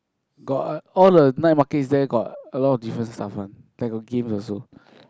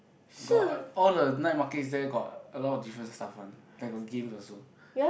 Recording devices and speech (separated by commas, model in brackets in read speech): close-talking microphone, boundary microphone, conversation in the same room